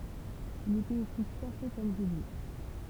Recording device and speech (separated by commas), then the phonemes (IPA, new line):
temple vibration pickup, read sentence
il etɛt osi ʃase kɔm ʒibje